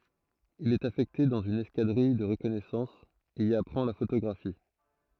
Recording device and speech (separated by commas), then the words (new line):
throat microphone, read sentence
Il est affecté dans une escadrille de reconnaissance, et y apprend la photographie.